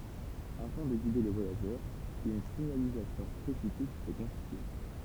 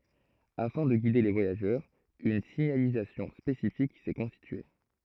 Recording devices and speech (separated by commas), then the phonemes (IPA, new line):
temple vibration pickup, throat microphone, read sentence
afɛ̃ də ɡide le vwajaʒœʁz yn siɲalizasjɔ̃ spesifik sɛ kɔ̃stitye